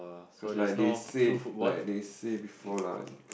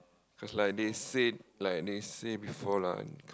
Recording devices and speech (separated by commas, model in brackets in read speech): boundary microphone, close-talking microphone, conversation in the same room